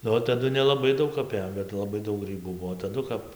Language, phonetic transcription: Lithuanian, nu ˈva taˈdu nelaˈbai ˈdaug aˈpėjom bet laˈbai ˈdaug ˈgrybų ˈbuo taˈdu kap

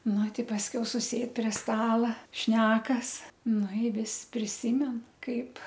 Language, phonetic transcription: Lithuanian, ˈnu ˈti pasˈkiau suˈsėd prie ˈstala ˈšnekas ˈnu i ˈvis priˈsymen ˈkaip

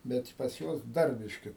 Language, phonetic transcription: Lithuanian, ˈbet pas ˈjuos ˈdar ˈbiški

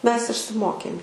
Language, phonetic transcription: Lithuanian, ˈmes išsiˈmokėm

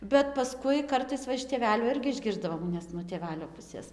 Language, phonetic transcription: Lithuanian, bet paˈskui ˈkartais ˈva iš tėˈvelių ˈirgi išˈgirsdavom nes nuo tėˈvelio ˈpusės

